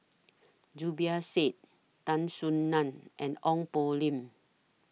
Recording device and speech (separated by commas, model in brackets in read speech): mobile phone (iPhone 6), read sentence